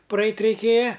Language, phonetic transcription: Lithuanian, praˈeit' reiˈkėja

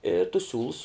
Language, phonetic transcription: Lithuanian, i tus ˈsiūlus

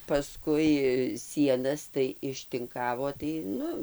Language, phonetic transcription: Lithuanian, paˈskui ˈsienas tai ištinˈkavo tai ˈnu

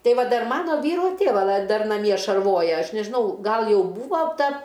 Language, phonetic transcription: Lithuanian, ˈtei ˈva ˈdar ˈmano ˈvyro ˈtėva lai ˈdar naˈmie šarˈvoja ˈaš nežiˈnau ˈgal ˈjau ˈbūvo ˈta

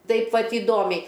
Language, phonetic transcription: Lithuanian, ˈtaip ˈvat įˈdomiai

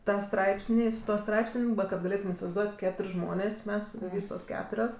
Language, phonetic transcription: Lithuanian, ˈtą ˈstraipsnį su ˈtuo ˈstraipsən' kad gaˈlėtum isivaizˈduot' ˈketur' ˈžmonės ˈmes ˈvysos ˈketurios

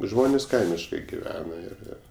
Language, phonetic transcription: Lithuanian, ˈžmonės ˈkaimiškai giˈvena ir ˈir

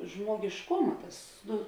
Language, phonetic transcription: Lithuanian, žmogišˈkuma ˈtas ˈnu

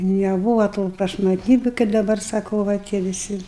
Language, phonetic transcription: Lithuanian, neˈbūva tų prašmatˈnybiu kaip daˈbar saˈkau va ˈtie viˈsi

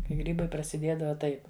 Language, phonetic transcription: Lithuanian, kai ˈgrybai prasiˈdiedava ˈtaip

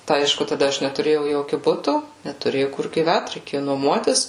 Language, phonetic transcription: Lithuanian, tai ˈaišku taˈda ˈaš netuˈrėjau ˈjokiu ˈbutu netuˈrėjau kur gyˈvæt reiˈkėju nuoˈmuotis

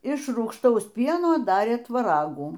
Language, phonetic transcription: Lithuanian, iš rūgšˈtaus ˈpieno ˈdarė tvaˈragų

